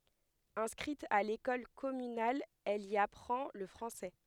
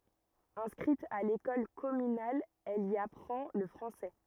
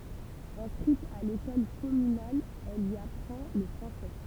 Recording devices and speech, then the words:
headset microphone, rigid in-ear microphone, temple vibration pickup, read sentence
Inscrite à l'école communale, elle y apprend le français.

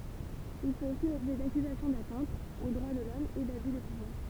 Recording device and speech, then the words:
temple vibration pickup, read sentence
Il fait aussi l'objet d'accusations d'atteintes aux droits de l'Homme et d'abus de pouvoir.

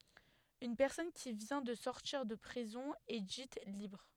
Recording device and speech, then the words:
headset microphone, read sentence
Une personne qui vient de sortir de prison est dite libre.

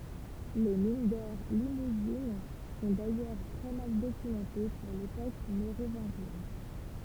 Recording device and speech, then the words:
temple vibration pickup, read sentence
Les mines d'or limousines sont d'ailleurs très mal documentées pour l'époque mérovingienne.

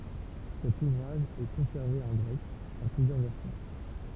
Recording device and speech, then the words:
temple vibration pickup, read sentence
Cet ouvrage est conservé en grec, en plusieurs versions.

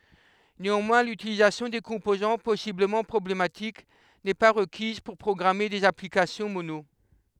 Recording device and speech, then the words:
headset microphone, read sentence
Néanmoins, l'utilisation des composants possiblement problématiques n'est pas requise pour programmer des applications Mono.

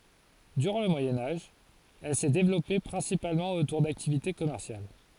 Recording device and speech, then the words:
forehead accelerometer, read sentence
Durant le Moyen Âge, elle s'est développée principalement autour d'activités commerciales.

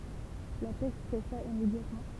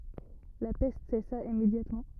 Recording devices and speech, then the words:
temple vibration pickup, rigid in-ear microphone, read sentence
La peste cessa immédiatement.

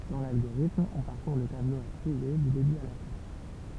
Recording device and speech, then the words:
temple vibration pickup, read sentence
Dans l'algorithme, on parcourt le tableau à trier du début à la fin.

